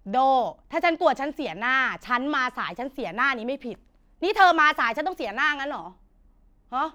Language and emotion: Thai, angry